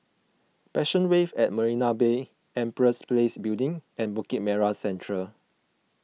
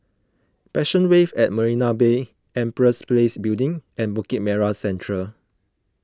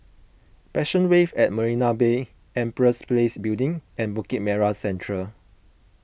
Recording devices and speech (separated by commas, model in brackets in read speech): mobile phone (iPhone 6), close-talking microphone (WH20), boundary microphone (BM630), read sentence